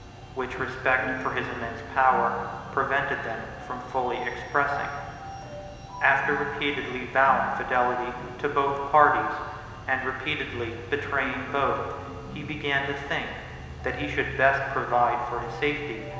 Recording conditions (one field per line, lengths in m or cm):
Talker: one person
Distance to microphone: 1.7 m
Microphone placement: close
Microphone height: 1.0 m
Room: very reverberant, large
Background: music